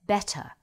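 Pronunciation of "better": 'Better' is said with a standard British accent: the t in the middle is not turned into a quick, flapped d sound.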